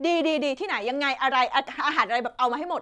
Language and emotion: Thai, happy